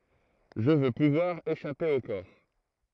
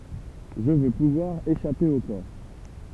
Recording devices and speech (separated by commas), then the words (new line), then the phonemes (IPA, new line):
throat microphone, temple vibration pickup, read sentence
Je veux pouvoir échapper au corps.
ʒə vø puvwaʁ eʃape o kɔʁ